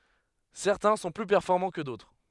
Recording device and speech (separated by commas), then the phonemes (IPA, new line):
headset microphone, read sentence
sɛʁtɛ̃ sɔ̃ ply pɛʁfɔʁmɑ̃ kə dotʁ